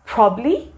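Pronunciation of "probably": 'Probably' is pronounced incorrectly here.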